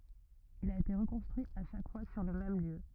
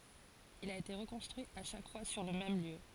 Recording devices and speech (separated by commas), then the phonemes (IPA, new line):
rigid in-ear microphone, forehead accelerometer, read sentence
il a ete ʁəkɔ̃stʁyi a ʃak fwa syʁ lə mɛm ljø